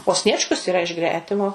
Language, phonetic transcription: Lithuanian, o ˈsniečkus yˈra iš ˈgretimo

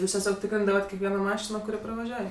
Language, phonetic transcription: Lithuanian, ˈjūs teˈsiog ˈtikrindavat kekˈvieno ˈmašino kuˈri pravaˈžiuoj

